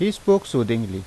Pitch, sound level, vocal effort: 130 Hz, 85 dB SPL, normal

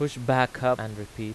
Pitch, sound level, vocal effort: 125 Hz, 90 dB SPL, loud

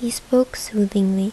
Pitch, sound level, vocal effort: 210 Hz, 75 dB SPL, soft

